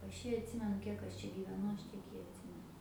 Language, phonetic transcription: Lithuanian, ˈaš ˈjį atˈsimenu ˈkiek aš ˈčia gyveˈnu ˈaš ˈtiek ji atˈsimenu

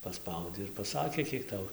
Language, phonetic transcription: Lithuanian, paˈspaudei ir paˈsakė ˈkiek ˈtau

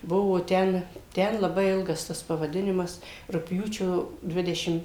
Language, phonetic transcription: Lithuanian, ˈbuvo ˈten ˈten laˈbai ˈilgas ˈtas pavaˈdinimas rugˈpjūčio ˈdvidešim

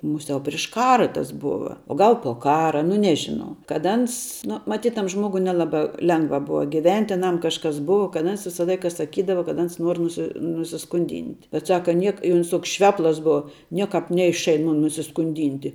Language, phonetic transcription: Lithuanian, ˈmuˌsiau priš ˈkara tas ˈbuva o ˈgal po ˈkara nu ˈnežinau kad ˈans nu maˈtyt tam ˈžmogui neˈlaba ˈlengva ˈbuva giˈvent' i aˈnam kažˈkas ˈbuva ka ˈans ˈvisa ˈlaika saˈkydava kad ˈans ˈnuor nuˈsi nusiskunˈdynt' bet ˈsaka ˈniek i ˈuns ˈtoks ˈšveplas ˈbuva ˈniekāp ˈneišain ˈmun nusiskunˈdinti

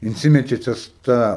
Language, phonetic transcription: Lithuanian, inˈsimetė ˈtas ˈta

